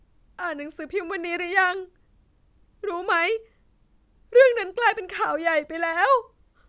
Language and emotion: Thai, sad